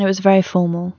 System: none